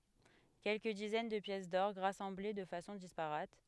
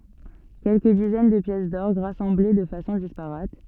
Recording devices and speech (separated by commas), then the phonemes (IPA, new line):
headset microphone, soft in-ear microphone, read sentence
kɛlkə dizɛn də pjɛs dɔʁɡ ʁasɑ̃ble də fasɔ̃ dispaʁat